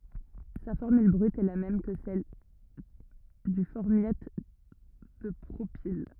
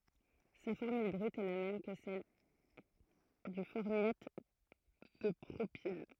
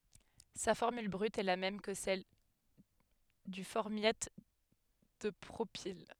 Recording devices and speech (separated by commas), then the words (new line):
rigid in-ear microphone, throat microphone, headset microphone, read sentence
Sa formule brute est la même que celle du formiate de propyle.